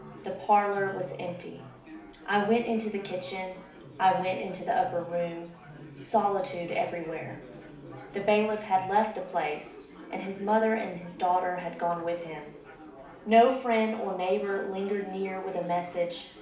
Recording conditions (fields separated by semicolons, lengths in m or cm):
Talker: one person; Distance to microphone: 2.0 m; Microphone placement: close; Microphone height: 99 cm; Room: medium-sized (5.7 m by 4.0 m); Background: babble